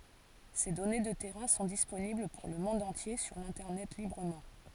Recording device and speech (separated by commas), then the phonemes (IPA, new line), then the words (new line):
forehead accelerometer, read sentence
se dɔne də tɛʁɛ̃ sɔ̃ disponibl puʁ lə mɔ̃d ɑ̃tje syʁ lɛ̃tɛʁnɛt libʁəmɑ̃
Ces données de terrains sont disponibles pour le monde entier sur l'Internet librement.